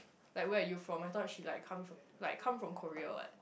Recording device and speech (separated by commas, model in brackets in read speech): boundary microphone, conversation in the same room